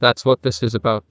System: TTS, neural waveform model